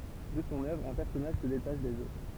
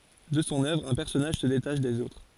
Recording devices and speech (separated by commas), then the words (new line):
temple vibration pickup, forehead accelerometer, read sentence
De son œuvre, un personnage se détache des autres.